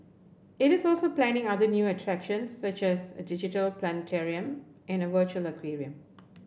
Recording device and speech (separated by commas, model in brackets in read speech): boundary microphone (BM630), read sentence